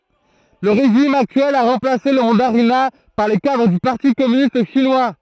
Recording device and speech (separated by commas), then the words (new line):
throat microphone, read sentence
Le régime actuel a remplacé le mandarinat par les cadres du parti communiste chinois.